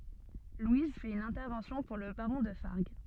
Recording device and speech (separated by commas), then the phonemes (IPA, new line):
soft in-ear microphone, read sentence
lwiz fɛt yn ɛ̃tɛʁvɑ̃sjɔ̃ puʁ lə baʁɔ̃ də faʁɡ